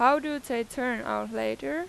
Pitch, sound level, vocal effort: 245 Hz, 93 dB SPL, loud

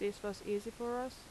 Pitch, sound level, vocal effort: 210 Hz, 82 dB SPL, normal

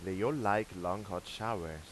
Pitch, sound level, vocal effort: 95 Hz, 90 dB SPL, normal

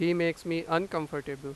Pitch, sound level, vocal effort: 165 Hz, 94 dB SPL, loud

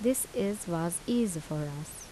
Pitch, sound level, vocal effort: 170 Hz, 79 dB SPL, soft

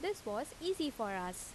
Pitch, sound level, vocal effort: 310 Hz, 84 dB SPL, normal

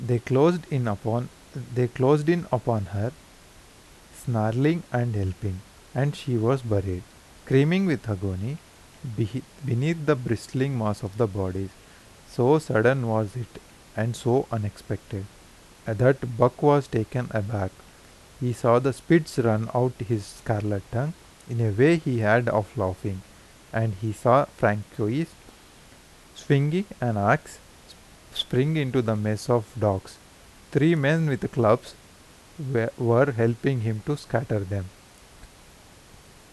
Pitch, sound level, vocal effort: 120 Hz, 83 dB SPL, normal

